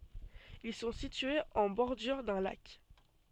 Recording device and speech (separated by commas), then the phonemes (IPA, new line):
soft in-ear microphone, read sentence
il sɔ̃ sityez ɑ̃ bɔʁdyʁ dœ̃ lak